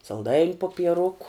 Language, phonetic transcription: Lithuanian, salˈdain' popieˈruku

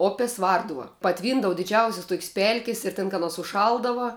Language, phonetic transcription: Lithuanian, ˈopės ˈvarduva paˈtvyndava diˈdžiausis ˈtuokis ˈpelkis ir ten kad ˈaˌnos užˈšaldava

